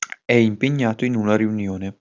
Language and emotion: Italian, neutral